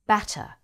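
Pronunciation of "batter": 'Batter' is said in a standard British accent, so the t is not said as a quick flapped D sound.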